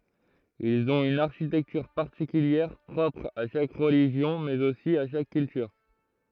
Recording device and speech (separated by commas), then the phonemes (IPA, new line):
throat microphone, read sentence
ilz ɔ̃t yn aʁʃitɛktyʁ paʁtikyljɛʁ pʁɔpʁ a ʃak ʁəliʒjɔ̃ mɛz osi a ʃak kyltyʁ